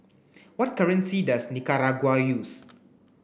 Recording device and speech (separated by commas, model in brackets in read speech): boundary microphone (BM630), read sentence